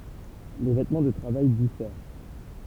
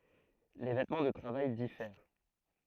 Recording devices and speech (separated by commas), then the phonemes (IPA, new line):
temple vibration pickup, throat microphone, read sentence
le vɛtmɑ̃ də tʁavaj difɛʁ